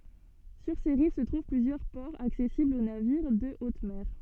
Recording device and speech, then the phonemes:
soft in-ear microphone, read sentence
syʁ se ʁiv sə tʁuv plyzjœʁ pɔʁz aksɛsiblz o naviʁ də ot mɛʁ

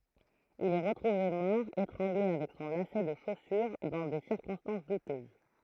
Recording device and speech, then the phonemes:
throat microphone, read sentence
il ɛ ʁətʁuve mɔʁ etʁɑ̃ɡle avɛk sɔ̃ lasɛ də ʃosyʁ dɑ̃ de siʁkɔ̃stɑ̃s dutøz

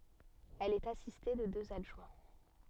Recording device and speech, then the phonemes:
soft in-ear microphone, read sentence
ɛl ɛt asiste də døz adʒwɛ̃

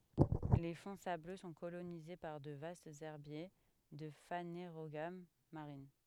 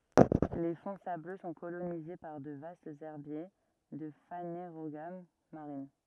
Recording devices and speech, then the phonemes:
headset microphone, rigid in-ear microphone, read sentence
le fɔ̃ sablø sɔ̃ kolonize paʁ də vastz ɛʁbje də faneʁoɡam maʁin

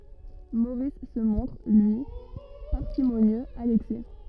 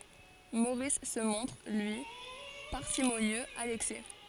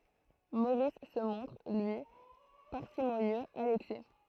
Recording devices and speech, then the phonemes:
rigid in-ear microphone, forehead accelerometer, throat microphone, read sentence
moʁis sə mɔ̃tʁ lyi paʁsimonjøz a lɛksɛ

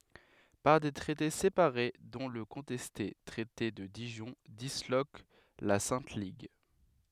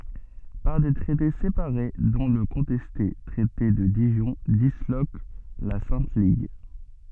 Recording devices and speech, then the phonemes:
headset microphone, soft in-ear microphone, read sentence
paʁ de tʁɛte sepaʁe dɔ̃ lə kɔ̃tɛste tʁɛte də diʒɔ̃ dislok la sɛ̃t liɡ

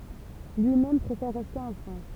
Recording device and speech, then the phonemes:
temple vibration pickup, read sentence
lyimɛm pʁefɛʁ ʁɛste ɑ̃ fʁɑ̃s

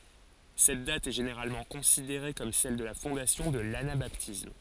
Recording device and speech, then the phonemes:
forehead accelerometer, read sentence
sɛt dat ɛ ʒeneʁalmɑ̃ kɔ̃sideʁe kɔm sɛl də la fɔ̃dasjɔ̃ də lanabatism

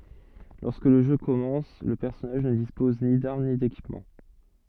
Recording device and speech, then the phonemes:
soft in-ear microphone, read sentence
lɔʁskə lə ʒø kɔmɑ̃s lə pɛʁsɔnaʒ nə dispɔz ni daʁm ni dekipmɑ̃

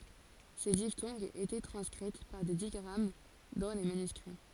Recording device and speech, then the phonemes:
forehead accelerometer, read sentence
se diftɔ̃ɡz etɛ tʁɑ̃skʁit paʁ de diɡʁam dɑ̃ le manyskʁi

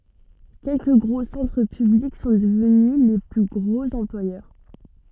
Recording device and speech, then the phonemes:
soft in-ear microphone, read sentence
kɛlkə ɡʁo sɑ̃tʁ pyblik sɔ̃ dəvny le ply ɡʁoz ɑ̃plwajœʁ

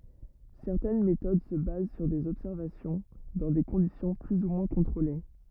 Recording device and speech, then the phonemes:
rigid in-ear microphone, read sentence
sɛʁtɛn metod sə baz syʁ dez ɔbsɛʁvasjɔ̃ dɑ̃ de kɔ̃disjɔ̃ ply u mwɛ̃ kɔ̃tʁole

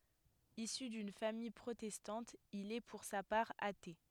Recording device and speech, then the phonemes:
headset microphone, read sentence
isy dyn famij pʁotɛstɑ̃t il ɛ puʁ sa paʁ ate

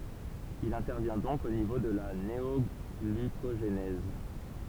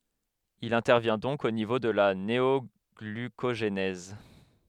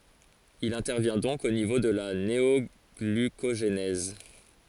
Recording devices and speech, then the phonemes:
temple vibration pickup, headset microphone, forehead accelerometer, read sentence
il ɛ̃tɛʁvjɛ̃ dɔ̃k o nivo də la neɔɡlykoʒnɛz

